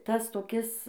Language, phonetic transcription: Lithuanian, ˈtas toˈkis

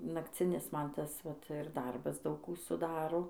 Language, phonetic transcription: Lithuanian, nakˈcinis ˈman ˈtas vat ir ˈdarbas ˈdaug ˈkų suˈdaro

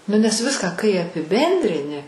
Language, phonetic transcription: Lithuanian, ˈnu nes ˈviską kai apiˈbendrini

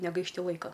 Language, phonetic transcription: Lithuanian, negaišˈti ˈlaika

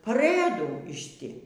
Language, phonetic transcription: Lithuanian, paˈrɘdų iš ˈti

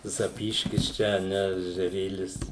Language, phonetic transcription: Lithuanian, zaˈpyškis ˈčia a ˈne ežeˈrėlis

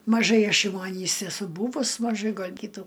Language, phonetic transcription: Lithuanian, maˈžai ˈaš jau aˈnys eˈsu ˈbūvus maˈžai gal' ˈkytų

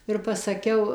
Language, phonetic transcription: Lithuanian, ir pasaˈkiau

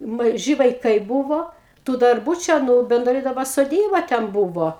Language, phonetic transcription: Lithuanian, maˈži vaiˈkai ˈbuvo tų darˈbų ˈčia nu benˈdrai daˈba soˈdyba ten ˈbuvo

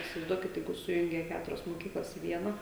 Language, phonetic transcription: Lithuanian, isivaizˈduokit ˈjeigu ˈsujungia ˈketurias moˈkyklas i ˈviena

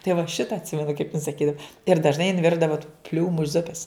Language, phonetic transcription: Lithuanian, tai va ˈšita atˈsimenu kaip in saˈkydav ir dažˈnai jin ˈvirdava tų ˈpliūmu ˈzupes

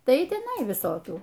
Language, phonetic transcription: Lithuanian, ˈtai i teˈnai viˈsokių

